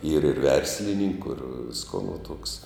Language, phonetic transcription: Lithuanian, yr ir ˈverslininku ir ˈvisko nu tuoks

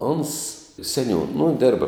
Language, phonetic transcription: Lithuanian, ons seˈniūn nu ˈdėrba

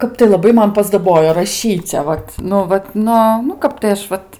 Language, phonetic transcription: Lithuanian, ˈkap tai laˈbai ˈman paˈsdabojo raˈšyce ˈvat nu ˈvat ˈnu nu ˈkap tai ˈaš ˈvat

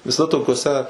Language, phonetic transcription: Lithuanian, viˈsa tokioˈse

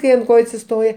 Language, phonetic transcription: Lithuanian, kai ant ˈkoju atsiˈstoje

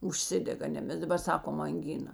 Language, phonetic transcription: Lithuanian, užˈsidega ˈne ˈmes daˈbar ˈsakom anˈgina

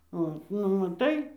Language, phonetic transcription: Lithuanian, ˈot nu maˈtai

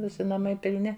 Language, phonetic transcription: Lithuanian, ˈvisi naˈmai pilˈni

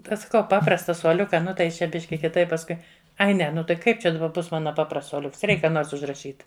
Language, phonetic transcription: Lithuanian, ˈtai saˈkau ˈpaprasta suoˈliuka ˈnu tai ˈjis čia ˈbiški kiˈtaip pasˈkui ˈai ˈne nu tai ˈkaip ˈčia daˈba ˈbus ˈmana ˈpaprasts suoˈliuks ˈreik ˈką ˈnors užraˈšyt

